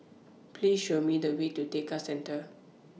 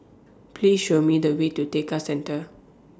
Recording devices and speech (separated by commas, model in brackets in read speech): mobile phone (iPhone 6), standing microphone (AKG C214), read sentence